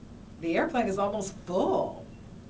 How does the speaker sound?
neutral